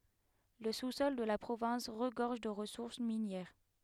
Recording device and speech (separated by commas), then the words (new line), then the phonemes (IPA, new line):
headset microphone, read sentence
Le sous-sol de la province regorge de ressources minières.
lə susɔl də la pʁovɛ̃s ʁəɡɔʁʒ də ʁəsuʁs minjɛʁ